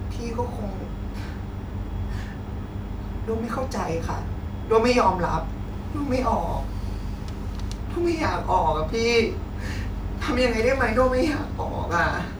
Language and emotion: Thai, sad